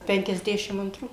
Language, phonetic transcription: Lithuanian, penkiasˈdešim antˈrų

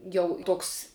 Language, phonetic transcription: Lithuanian, ˈjau ˈtoks

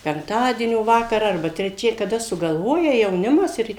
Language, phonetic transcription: Lithuanian, penkˈtadienio ˈvakarą arˈba treˈčia kaˈda sugalˈvoja jauˈnimas ˈir

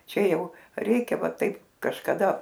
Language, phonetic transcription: Lithuanian, ˈčia ˈjau ˈreikia ˈva ˈtaip kažkaˈda

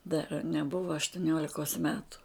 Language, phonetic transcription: Lithuanian, dar neˈbuva aštuˈniolikos ˈmetu

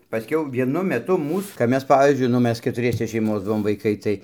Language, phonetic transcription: Lithuanian, paˈskiau vieˈnu meˈtu ˈmūs kap ˈmes ˈpavyzdžiui nu ˈmes ketuˈriese šeiˈmos ˈbuvom vaiˈkai tai

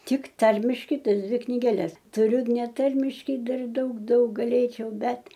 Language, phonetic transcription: Lithuanian, ˈtik ˈtarmiškai ˈtas ˈdvi knigeˈles tuˈriu neˈtarmiškai ˈdar ˈdaug ˈdaug gaˈlėčiau ˈbet

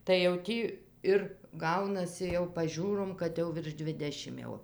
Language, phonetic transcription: Lithuanian, tai jau ˈtį ˈir ˈgaunasi jau paˈžiūrom kad ˈjau virš ˈdvidešim ˈjau

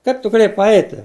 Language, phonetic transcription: Lithuanian, ˈkaip tu gaˈlėjai paˈeiti

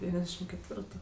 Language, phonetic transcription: Lithuanian, deˈvyniasˌdešim ketˈvirtu

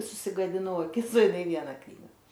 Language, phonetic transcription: Lithuanian, susigadiˈnau aˈkis o iˈnai ˈviena ˈknyga

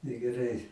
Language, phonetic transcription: Lithuanian, negeˈrai

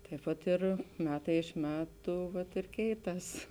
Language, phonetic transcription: Lithuanian, taip ˈpat ˈir ˈmetai iš ˈmetu vat ir ˈkeiˌtas

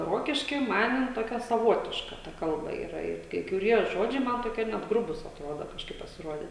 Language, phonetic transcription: Lithuanian, ˈrokišky ˈman jin ˈtokia saˈvotiška ˈta ˈkalba ˈyra it kai kuˈrie ˈžodžiai ˈman toˈkie net ˈgrubūs atˈrodo kažˈkaip pasiˈrodė

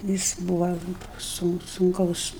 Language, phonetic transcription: Lithuanian, ˈjis ˈbūva sun sunˈkaus

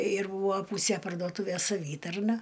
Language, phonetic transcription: Lithuanian, ir ˈbūvo ˈpūsė pardoˈtūvės saˈvytarna

